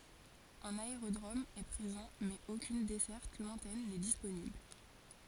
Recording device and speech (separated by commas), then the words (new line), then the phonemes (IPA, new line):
forehead accelerometer, read sentence
Un aérodrome est présent mais aucune desserte lointaine n'est disponible.
œ̃n aeʁodʁom ɛ pʁezɑ̃ mɛz okyn dɛsɛʁt lwɛ̃tɛn nɛ disponibl